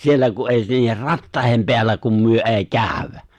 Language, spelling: Finnish, siellä kun ei niiden rattaiden päällä kun me ei käydä
- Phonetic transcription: 'siellä ku’ ’èi ('niiher) "rattài̬hem 'peällä kum 'myö '’èi̬ "kääᵒ̈w̆wä !

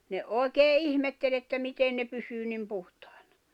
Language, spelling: Finnish, ne oikein ihmetteli että miten ne pysyy niin puhtaina
- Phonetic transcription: ne , 'òi̬kee "ihmettel ‿että 'miten ne pysyy nim 'puhtᴀ̀ɪ̬ɴᴀ .

